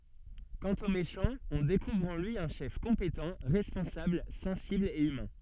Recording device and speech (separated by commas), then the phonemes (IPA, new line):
soft in-ear microphone, read sentence
kɑ̃t o meʃɑ̃ ɔ̃ dekuvʁ ɑ̃ lyi œ̃ ʃɛf kɔ̃petɑ̃ ʁɛspɔ̃sabl sɑ̃sibl e ymɛ̃